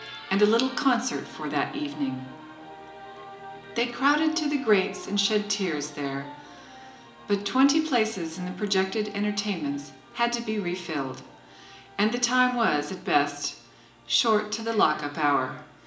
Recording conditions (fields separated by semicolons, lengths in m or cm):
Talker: one person; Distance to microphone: 1.8 m; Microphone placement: close; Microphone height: 1.0 m; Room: large; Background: television